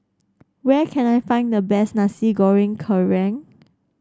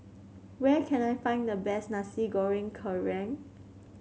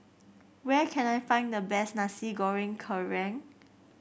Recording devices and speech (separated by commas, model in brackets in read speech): standing microphone (AKG C214), mobile phone (Samsung C7), boundary microphone (BM630), read sentence